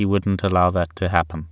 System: none